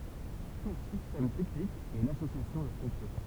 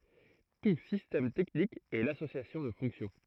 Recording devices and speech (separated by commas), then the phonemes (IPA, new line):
temple vibration pickup, throat microphone, read sentence
tu sistɛm tɛknik ɛ lasosjasjɔ̃ də fɔ̃ksjɔ̃